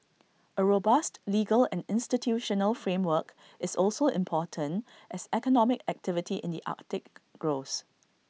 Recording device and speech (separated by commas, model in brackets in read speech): mobile phone (iPhone 6), read sentence